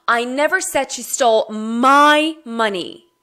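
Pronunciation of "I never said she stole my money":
The stress falls on the word 'my'.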